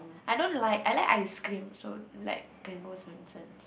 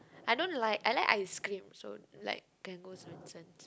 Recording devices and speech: boundary microphone, close-talking microphone, conversation in the same room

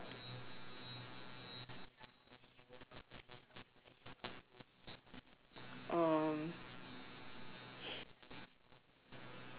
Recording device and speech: telephone, conversation in separate rooms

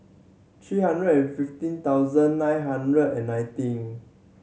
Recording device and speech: mobile phone (Samsung C7100), read sentence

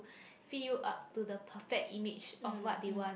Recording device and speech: boundary microphone, conversation in the same room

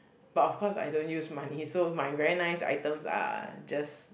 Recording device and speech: boundary microphone, conversation in the same room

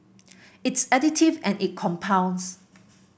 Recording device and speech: boundary microphone (BM630), read sentence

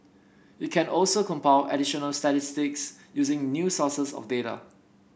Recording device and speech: boundary microphone (BM630), read sentence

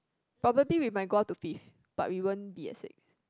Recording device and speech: close-talking microphone, conversation in the same room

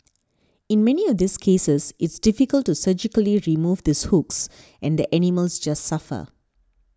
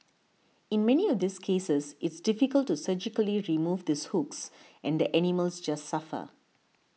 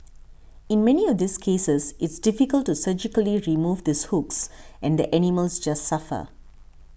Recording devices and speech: standing microphone (AKG C214), mobile phone (iPhone 6), boundary microphone (BM630), read sentence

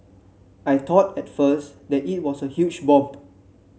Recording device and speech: mobile phone (Samsung C7), read sentence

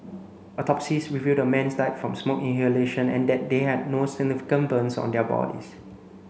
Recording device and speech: mobile phone (Samsung C9), read sentence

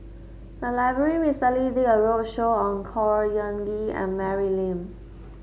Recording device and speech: mobile phone (Samsung S8), read sentence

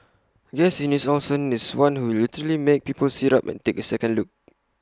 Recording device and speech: close-talking microphone (WH20), read sentence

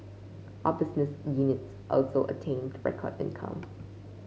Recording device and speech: mobile phone (Samsung C5), read sentence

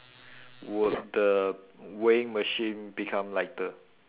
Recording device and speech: telephone, conversation in separate rooms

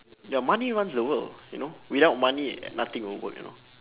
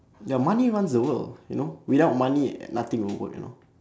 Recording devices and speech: telephone, standing microphone, conversation in separate rooms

